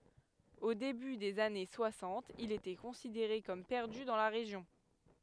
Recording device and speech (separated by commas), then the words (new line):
headset microphone, read sentence
Au début des années soixante, il était considéré comme perdu dans la région.